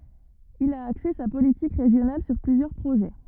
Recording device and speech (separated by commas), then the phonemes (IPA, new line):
rigid in-ear microphone, read sentence
il a akse sa politik ʁeʒjonal syʁ plyzjœʁ pʁoʒɛ